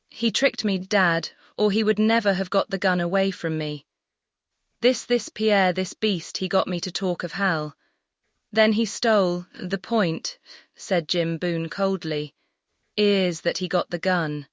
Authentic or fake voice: fake